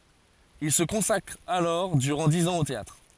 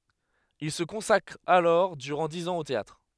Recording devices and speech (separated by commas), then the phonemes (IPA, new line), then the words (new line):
forehead accelerometer, headset microphone, read sentence
il sə kɔ̃sakʁ alɔʁ dyʁɑ̃ diz ɑ̃z o teatʁ
Il se consacre alors durant dix ans au théâtre.